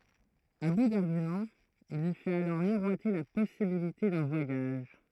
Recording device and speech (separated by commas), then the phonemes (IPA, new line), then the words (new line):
throat microphone, read sentence
a bu daʁɡymɑ̃z il lyi fɛt alɔʁ miʁwate la pɔsibilite dœ̃ vwajaʒ
À bout d'arguments, il lui fait alors miroiter la possibilité d'un voyage.